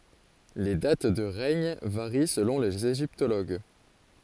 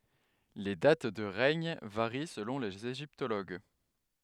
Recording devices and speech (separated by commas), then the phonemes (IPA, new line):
forehead accelerometer, headset microphone, read sentence
le dat də ʁɛɲ vaʁi səlɔ̃ lez eʒiptoloɡ